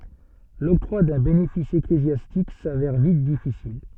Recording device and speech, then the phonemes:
soft in-ear microphone, read sentence
lɔktʁwa dœ̃ benefis eklezjastik savɛʁ vit difisil

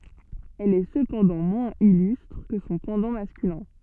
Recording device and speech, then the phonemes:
soft in-ear microphone, read sentence
ɛl ɛ səpɑ̃dɑ̃ mwɛ̃z ilystʁ kə sɔ̃ pɑ̃dɑ̃ maskylɛ̃

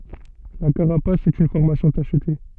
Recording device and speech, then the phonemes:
soft in-ear microphone, read sentence
la kaʁapas ɛt yn fɔʁmasjɔ̃ taʃte

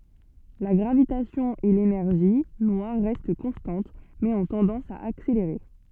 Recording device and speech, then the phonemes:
soft in-ear microphone, read sentence
la ɡʁavitasjɔ̃ e lenɛʁʒi nwaʁ ʁɛst kɔ̃stɑ̃t mɛz ɔ̃ tɑ̃dɑ̃s a akseleʁe

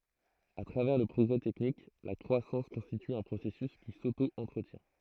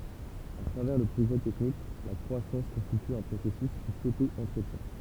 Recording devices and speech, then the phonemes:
throat microphone, temple vibration pickup, read sentence
a tʁavɛʁ lə pʁɔɡʁɛ tɛknik la kʁwasɑ̃s kɔ̃stity œ̃ pʁosɛsys ki soto ɑ̃tʁətjɛ̃

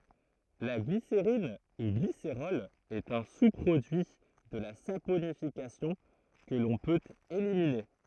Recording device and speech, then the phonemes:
throat microphone, read sentence
la ɡliseʁin u ɡliseʁɔl ɛt œ̃ su pʁodyi də la saponifikasjɔ̃ kə lɔ̃ pøt elimine

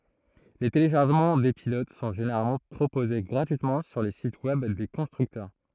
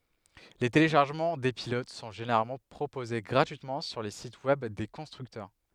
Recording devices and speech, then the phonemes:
throat microphone, headset microphone, read sentence
le teleʃaʁʒəmɑ̃ de pilot sɔ̃ ʒeneʁalmɑ̃ pʁopoze ɡʁatyitmɑ̃ syʁ le sit wɛb de kɔ̃stʁyktœʁ

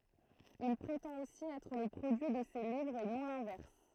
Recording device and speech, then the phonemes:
throat microphone, read sentence
il pʁetɑ̃t osi ɛtʁ lə pʁodyi də se livʁz e nɔ̃ lɛ̃vɛʁs

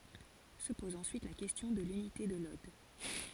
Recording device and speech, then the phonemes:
forehead accelerometer, read sentence
sə pɔz ɑ̃syit la kɛstjɔ̃ də lynite də lɔd

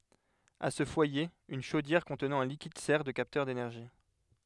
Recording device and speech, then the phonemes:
headset microphone, read sentence
a sə fwaje yn ʃodjɛʁ kɔ̃tnɑ̃ œ̃ likid sɛʁ də kaptœʁ denɛʁʒi

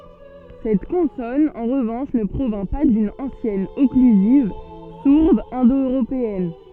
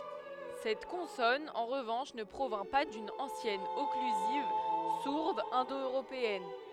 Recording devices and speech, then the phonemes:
soft in-ear microphone, headset microphone, read sentence
sɛt kɔ̃sɔn ɑ̃ ʁəvɑ̃ʃ nə pʁovjɛ̃ pa dyn ɑ̃sjɛn ɔklyziv suʁd ɛ̃do øʁopeɛn

